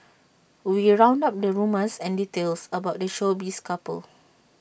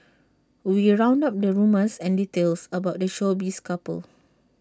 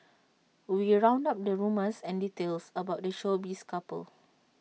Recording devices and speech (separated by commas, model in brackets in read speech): boundary microphone (BM630), standing microphone (AKG C214), mobile phone (iPhone 6), read sentence